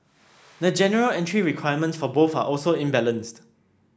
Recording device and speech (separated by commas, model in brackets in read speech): standing microphone (AKG C214), read sentence